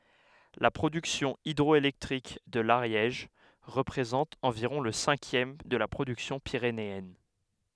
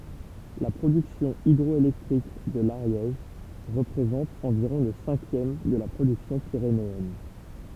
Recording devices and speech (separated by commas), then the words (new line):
headset microphone, temple vibration pickup, read sentence
La production hydroélectrique de l'Ariège représente environ le cinquième de la production pyrénéenne.